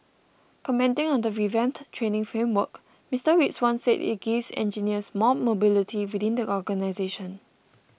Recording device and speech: boundary microphone (BM630), read sentence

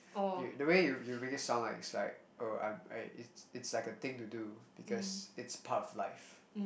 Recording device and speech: boundary microphone, conversation in the same room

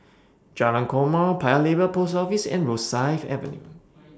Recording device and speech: standing microphone (AKG C214), read sentence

